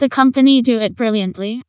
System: TTS, vocoder